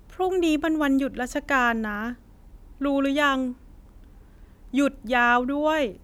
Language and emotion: Thai, frustrated